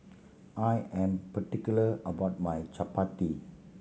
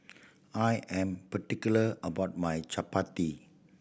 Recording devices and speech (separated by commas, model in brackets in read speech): mobile phone (Samsung C7100), boundary microphone (BM630), read sentence